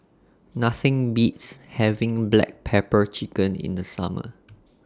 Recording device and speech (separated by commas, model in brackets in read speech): standing microphone (AKG C214), read sentence